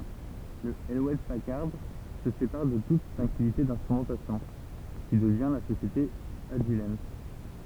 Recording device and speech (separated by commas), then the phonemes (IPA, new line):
temple vibration pickup, read sentence
lə  julɛt pakaʁd sə sepaʁ də tut sɔ̃n aktivite ɛ̃stʁymɑ̃tasjɔ̃ ki dəvjɛ̃ la sosjete aʒil